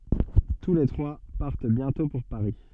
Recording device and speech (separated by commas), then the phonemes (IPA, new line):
soft in-ear microphone, read sentence
tu le tʁwa paʁt bjɛ̃tɔ̃ puʁ paʁi